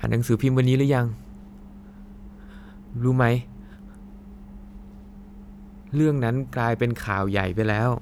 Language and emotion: Thai, sad